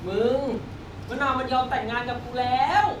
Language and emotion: Thai, happy